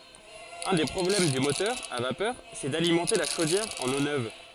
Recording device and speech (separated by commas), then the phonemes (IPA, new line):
forehead accelerometer, read sentence
œ̃ de pʁɔblɛm dy motœʁ a vapœʁ sɛ dalimɑ̃te la ʃodjɛʁ ɑ̃n o nøv